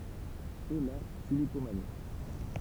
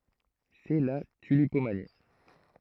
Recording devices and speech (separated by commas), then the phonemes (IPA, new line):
temple vibration pickup, throat microphone, read sentence
sɛ la tylipomani